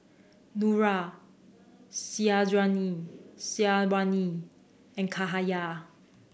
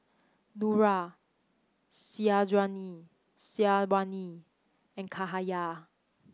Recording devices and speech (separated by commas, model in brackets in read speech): boundary microphone (BM630), close-talking microphone (WH30), read sentence